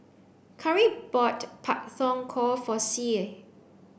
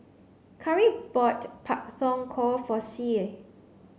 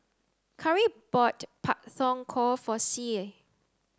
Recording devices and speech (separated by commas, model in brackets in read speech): boundary microphone (BM630), mobile phone (Samsung C9), close-talking microphone (WH30), read sentence